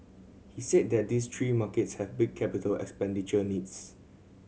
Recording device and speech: mobile phone (Samsung C7100), read sentence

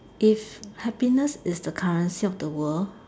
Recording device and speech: standing microphone, conversation in separate rooms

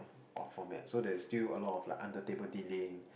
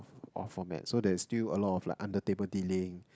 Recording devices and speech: boundary microphone, close-talking microphone, conversation in the same room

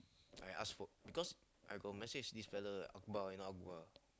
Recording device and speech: close-talking microphone, conversation in the same room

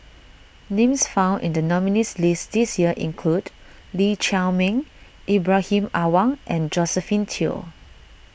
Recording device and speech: boundary microphone (BM630), read sentence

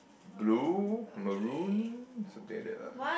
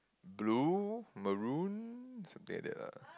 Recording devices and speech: boundary microphone, close-talking microphone, conversation in the same room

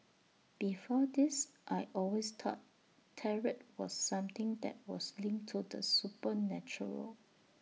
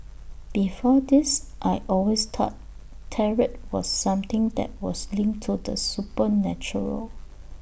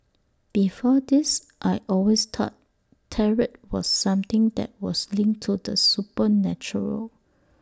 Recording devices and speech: mobile phone (iPhone 6), boundary microphone (BM630), standing microphone (AKG C214), read sentence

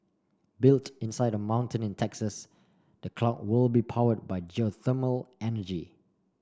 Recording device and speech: standing microphone (AKG C214), read sentence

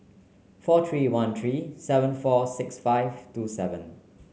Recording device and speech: mobile phone (Samsung C9), read sentence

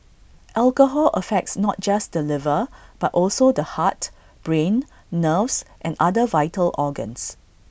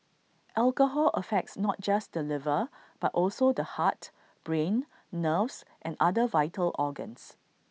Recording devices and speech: boundary microphone (BM630), mobile phone (iPhone 6), read sentence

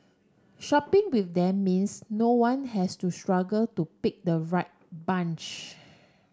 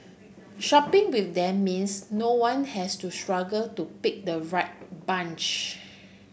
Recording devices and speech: standing microphone (AKG C214), boundary microphone (BM630), read sentence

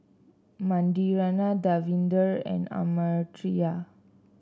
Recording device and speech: standing microphone (AKG C214), read sentence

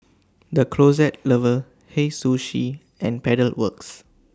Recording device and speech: standing microphone (AKG C214), read sentence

